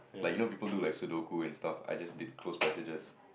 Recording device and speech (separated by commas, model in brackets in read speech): boundary microphone, conversation in the same room